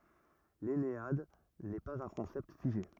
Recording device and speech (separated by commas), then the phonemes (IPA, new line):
rigid in-ear microphone, read sentence
lɛnead nɛ paz œ̃ kɔ̃sɛpt fiʒe